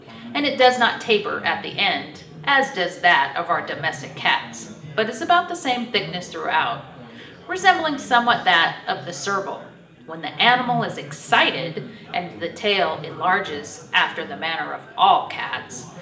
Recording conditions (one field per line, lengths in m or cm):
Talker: one person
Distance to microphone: 1.8 m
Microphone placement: close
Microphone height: 1.0 m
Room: large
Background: babble